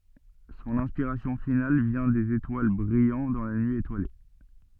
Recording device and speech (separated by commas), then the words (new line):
soft in-ear microphone, read sentence
Son inspiration finale vient des étoiles brillant dans la nuit étoilée.